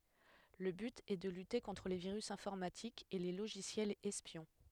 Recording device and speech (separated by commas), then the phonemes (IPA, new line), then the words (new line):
headset microphone, read sentence
lə byt ɛ də lyte kɔ̃tʁ le viʁys ɛ̃fɔʁmatikz e le loʒisjɛlz ɛspjɔ̃
Le but est de lutter contre les virus informatiques et les logiciels espions.